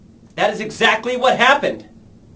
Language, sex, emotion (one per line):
English
male
angry